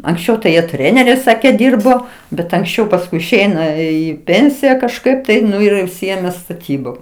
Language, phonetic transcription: Lithuanian, anksˈčiau tai ˈjie ˈtreneriais ˈsakė ˈdyrbo bet anksˈčiau pasˈkui išˈeina ˈį ˈpėnsija kažˈkaip tai ˈnu ir jau užˈsiėmė staˈtybom

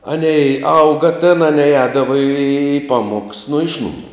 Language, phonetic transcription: Lithuanian, ˈanei ˈauga tėn aˈnei ˈēdava į ˈpamuoks nu ˈiš numų

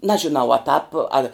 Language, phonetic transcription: Lithuanian, ˈnažinau a tāp al'

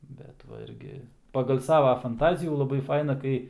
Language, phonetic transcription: Lithuanian, ˈbet va ˈirgi pagal ˈsava fanˈtazijų laˈbai ˈfaina ˈkai

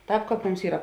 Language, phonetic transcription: Lithuanian, ˈtāp ˈkāp ˈmums ˈyra

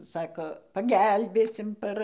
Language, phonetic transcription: Lithuanian, ˈsako paˈgelbėsim ˈpar

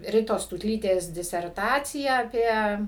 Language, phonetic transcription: Lithuanian, ˈritos tūtˈlytės diserˈtaciją aˈpie

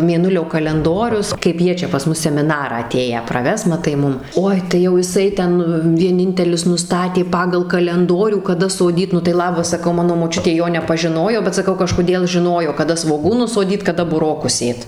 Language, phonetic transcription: Lithuanian, mėˈnulio kalenˈdorius kaip ˈjie čia pas ˈmus semiˈnarą aˈtėję praˈves maˈtai ˈmum ˈoi tai jau jiˈsai ˈten vieˈnintelis nuˈstatė ˈpagal kalenˈdorių kaˈda soˈdyt ˈnu tai ˈlabas saˈkau ˈmano moˈčiutė ˈjo nepažiˈnojo bet saˈkau kažkoˈdėl žiˈnojo kaˈda svoˈgūnus soˈdyt kaˈda buˈrokus ˈsėt

